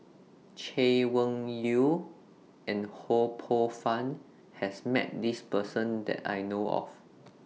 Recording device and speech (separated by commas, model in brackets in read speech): mobile phone (iPhone 6), read sentence